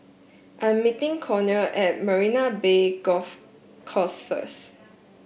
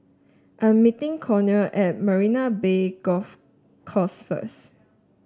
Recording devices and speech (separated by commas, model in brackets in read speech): boundary microphone (BM630), standing microphone (AKG C214), read sentence